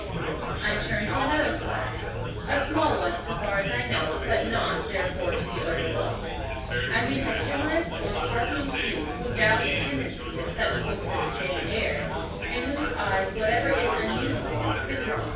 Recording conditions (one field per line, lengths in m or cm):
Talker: one person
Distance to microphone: 9.8 m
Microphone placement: far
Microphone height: 1.8 m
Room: large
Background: babble